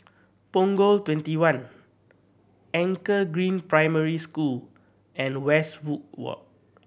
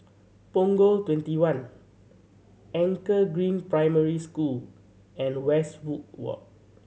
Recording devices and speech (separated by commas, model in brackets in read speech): boundary microphone (BM630), mobile phone (Samsung C7100), read sentence